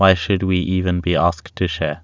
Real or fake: real